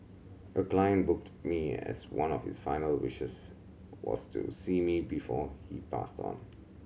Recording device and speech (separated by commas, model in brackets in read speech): mobile phone (Samsung C7100), read sentence